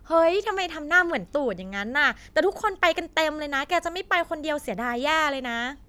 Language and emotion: Thai, neutral